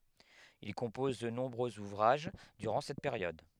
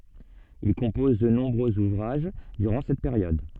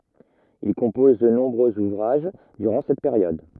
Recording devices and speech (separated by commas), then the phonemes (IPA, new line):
headset microphone, soft in-ear microphone, rigid in-ear microphone, read sentence
il kɔ̃pɔz də nɔ̃bʁøz uvʁaʒ dyʁɑ̃ sɛt peʁjɔd